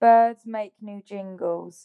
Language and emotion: English, sad